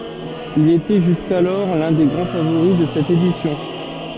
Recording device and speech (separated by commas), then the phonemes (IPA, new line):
soft in-ear microphone, read sentence
il etɛ ʒyskalɔʁ lœ̃ de ɡʁɑ̃ favoʁi də sɛt edisjɔ̃